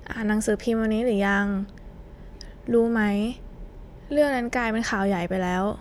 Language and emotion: Thai, frustrated